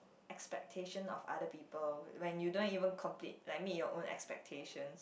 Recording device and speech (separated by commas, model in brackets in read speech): boundary microphone, conversation in the same room